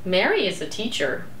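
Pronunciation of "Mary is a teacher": The sentence has two stresses, and the voice inflects up on both of them.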